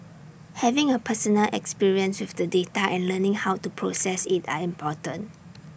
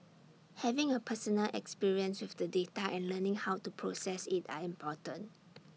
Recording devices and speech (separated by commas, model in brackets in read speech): boundary microphone (BM630), mobile phone (iPhone 6), read sentence